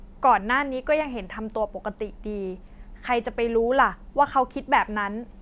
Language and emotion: Thai, frustrated